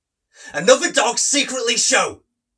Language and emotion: English, angry